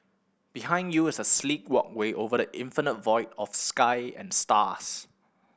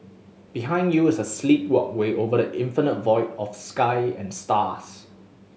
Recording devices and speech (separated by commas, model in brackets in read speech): boundary microphone (BM630), mobile phone (Samsung S8), read sentence